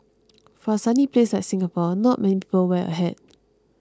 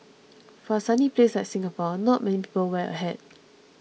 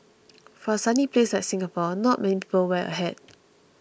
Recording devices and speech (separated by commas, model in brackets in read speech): close-talking microphone (WH20), mobile phone (iPhone 6), boundary microphone (BM630), read sentence